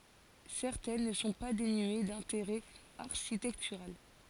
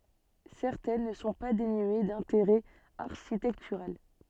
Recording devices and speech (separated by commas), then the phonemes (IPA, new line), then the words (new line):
forehead accelerometer, soft in-ear microphone, read sentence
sɛʁtɛn nə sɔ̃ pa denye dɛ̃teʁɛ aʁʃitɛktyʁal
Certaines ne sont pas dénuées d'intérêt architectural.